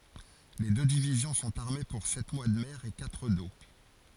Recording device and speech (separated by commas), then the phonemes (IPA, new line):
forehead accelerometer, read sentence
le dø divizjɔ̃ sɔ̃t aʁme puʁ sɛt mwa də mɛʁ e katʁ do